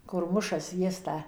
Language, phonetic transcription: Lithuanian, kur ˈmuša ˈsviesta

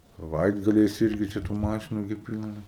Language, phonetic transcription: Lithuanian, saˈvaitgaliais ˈirgi čia tų ˈmašinu gi ˈpylna

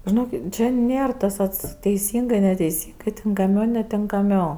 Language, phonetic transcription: Lithuanian, žiˈnokit ˈčia ˈnėr tas ˈats teiˈsyngɜ neteiˈsyngɜ tinkaˈmiau netinkaˈmiau

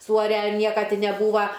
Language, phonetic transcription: Lithuanian, ˈsūare ir ˈnieka ˈti neˈbūva

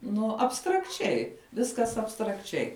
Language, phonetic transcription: Lithuanian, ˈnu abstrakˈčiai ˈviskas abstrakˈčiai

